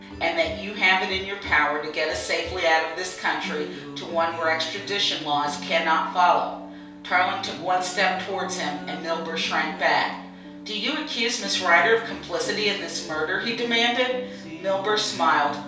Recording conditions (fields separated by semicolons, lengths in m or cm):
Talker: one person; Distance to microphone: 3.0 m; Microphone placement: far; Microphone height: 1.8 m; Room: small (3.7 m by 2.7 m); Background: music